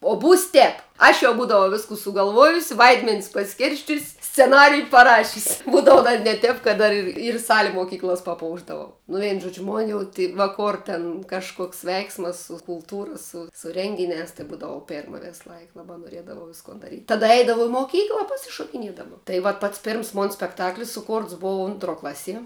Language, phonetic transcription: Lithuanian, o ˈbūs ˈtep ˈaš jau ˈbūdavau ˈviskų sugalˈvuojusi ˈvaidmenis paˈskirsčius' sceˈnariju paˈrašiusi ˈbūdavu dar net ˈtep kad ˈdar ir ir ˈsali moˈkyklas paˈpoušdavau nu ˈveinu ˈžuodžiu ˈmon jau ˈtei va ˈkor ten kažˈkoks ˈveiksmas su kulˈtūra ˈsu su ˈrenginiās tai ˈbūdavau ˈpėrma ˈvėslaik ˈlabā noˈriedavau ˈviskon daˈryt' taˈda ˈeidavau i moˈkykla pasišokiˈniedama tai ˈvat pats ˈpėrms ˈmon spekˈtaklis suˈkortsˈ bouv ˈontˌruo ˈklaˌsie

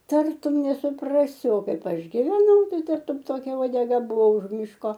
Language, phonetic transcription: Lithuanian, ˈtartum nesuˈprasi o ˈkaip ˈaš giveˈnau ˈtai ˈtartum ˈtokia uodeˈga ˈbuvo už ˈmiško

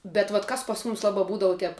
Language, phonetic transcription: Lithuanian, bet vat ˈkas pas ˈmumis ˈlaba ˈbūdavu ˈtep

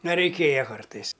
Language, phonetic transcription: Lithuanian, ˈna reiˈkėja ˈkartais

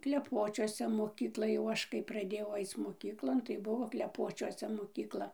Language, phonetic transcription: Lithuanian, kleˈpočiuose moˈkykla jau ˈaš kai praˈdėjau ˈaic moˈkyklon tai ˈbuvo kleˈpočiuose mokykˈla

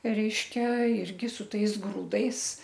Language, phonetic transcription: Lithuanian, ˈreiške ˈirgi su ˈtais ˈgrūdais

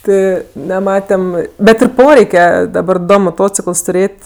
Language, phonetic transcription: Lithuanian, ˈti neˈmatem ˈbet ir ˈporeike daˈbar ˈdo moˈtocikəls tuˈrėt'

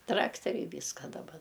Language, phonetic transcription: Lithuanian, ˈtrakteriai ˈvyska daˈba

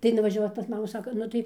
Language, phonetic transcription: Lithuanian, tai nuvažiaˈvau pas ˈmamų ˈsako ˈnu tai

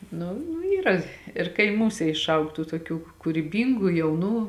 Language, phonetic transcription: Lithuanian, ˈnu nu ˈyra ir kaiˈmūse išˈaug ˈtų tuoˈkių kuryˈbyngu jauˈnų

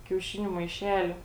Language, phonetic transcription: Lithuanian, kiauˈšiniu maiˈšeliu

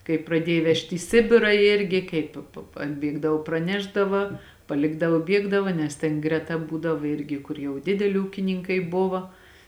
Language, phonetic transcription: Lithuanian, kai praˈdiej ˈvežt' į ˈsibira ˈirgi ˈkaip p p atˈbiegdav praˈnešdava paˈlikdavo ˈbiegdava nes ˈten greˈta ˈbūdav ˈirgi ˈkur jau ˈdideli ˈūkininkai ˈbuvo

